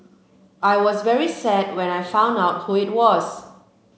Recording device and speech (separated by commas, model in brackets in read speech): mobile phone (Samsung C7), read sentence